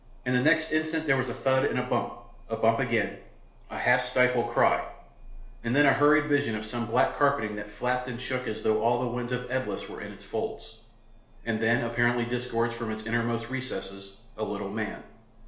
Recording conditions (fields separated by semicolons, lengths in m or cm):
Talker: one person; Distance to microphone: 1.0 m; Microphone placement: close; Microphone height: 1.1 m; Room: small (3.7 m by 2.7 m); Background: none